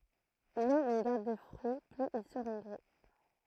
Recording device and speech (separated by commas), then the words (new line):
throat microphone, read sentence
Moins on garde de fruit, plus ils seront gros.